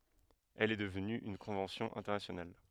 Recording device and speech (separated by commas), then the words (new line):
headset microphone, read sentence
Elle est devenue une convention internationale.